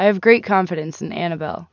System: none